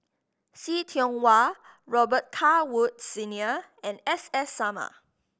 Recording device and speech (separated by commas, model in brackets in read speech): boundary microphone (BM630), read sentence